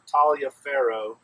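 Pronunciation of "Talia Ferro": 'Taliaferro' is said here in a French-sounding way. It is not the local pronunciation, which sounds like 'Tolliver'.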